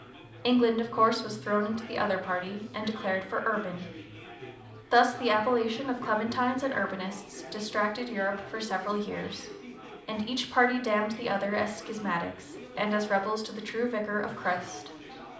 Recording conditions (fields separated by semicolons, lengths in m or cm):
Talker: one person; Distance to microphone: 2.0 m; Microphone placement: close; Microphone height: 99 cm; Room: medium-sized (5.7 m by 4.0 m); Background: babble